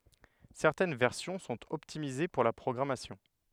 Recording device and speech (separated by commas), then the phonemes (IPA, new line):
headset microphone, read sentence
sɛʁtɛn vɛʁsjɔ̃ sɔ̃t ɔptimize puʁ la pʁɔɡʁamasjɔ̃